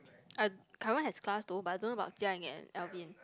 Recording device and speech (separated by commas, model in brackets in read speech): close-talking microphone, conversation in the same room